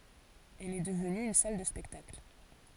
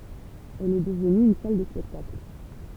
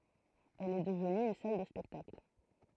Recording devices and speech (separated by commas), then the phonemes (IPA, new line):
forehead accelerometer, temple vibration pickup, throat microphone, read sentence
ɛl ɛ dəvny yn sal də spɛktakl